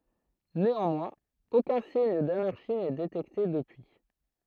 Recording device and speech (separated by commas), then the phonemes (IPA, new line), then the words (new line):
throat microphone, read sentence
neɑ̃mwɛ̃z okœ̃ siɲ danaʁʃi nɛ detɛkte dəpyi
Néanmoins aucun signe d'anarchie n'est détecté depuis.